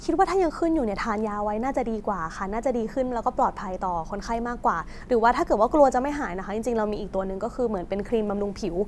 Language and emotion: Thai, neutral